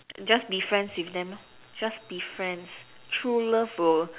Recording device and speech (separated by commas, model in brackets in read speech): telephone, conversation in separate rooms